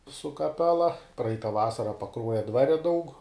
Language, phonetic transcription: Lithuanian, su kaˈpela ˈpraita ˈvasara paˈkruoja ˈdvare daug

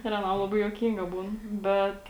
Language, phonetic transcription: Lithuanian, ir aˈnam laˈbai juoˈkynga ˈbūn ˈbet

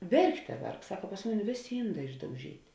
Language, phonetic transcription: Lithuanian, ˈverkˌte ˈverk ˈsaka pas ˈmuˌni ˈvėˌsė ˈynˌdā išdauˈžyt'

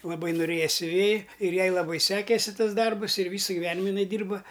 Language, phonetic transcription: Lithuanian, laˈbai noˈrėja siuˈvėji ir ˈjai laˈbai ˈsekėsi ˈtas ˈdarbus ir ˈvysa giˈvenima iˈnai ˈdyrba

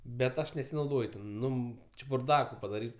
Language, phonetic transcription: Lithuanian, bet ˈaš nesinauˈdoj ten ˈnu či burˈdaku padaˈryt

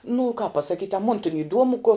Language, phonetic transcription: Lithuanian, nu kāp pasaˈkyt' a mon tin iˈduomu ko

